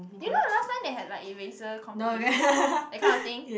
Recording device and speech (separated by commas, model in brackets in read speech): boundary microphone, conversation in the same room